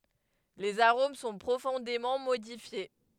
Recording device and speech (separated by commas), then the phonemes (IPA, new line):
headset microphone, read sentence
lez aʁom sɔ̃ pʁofɔ̃demɑ̃ modifje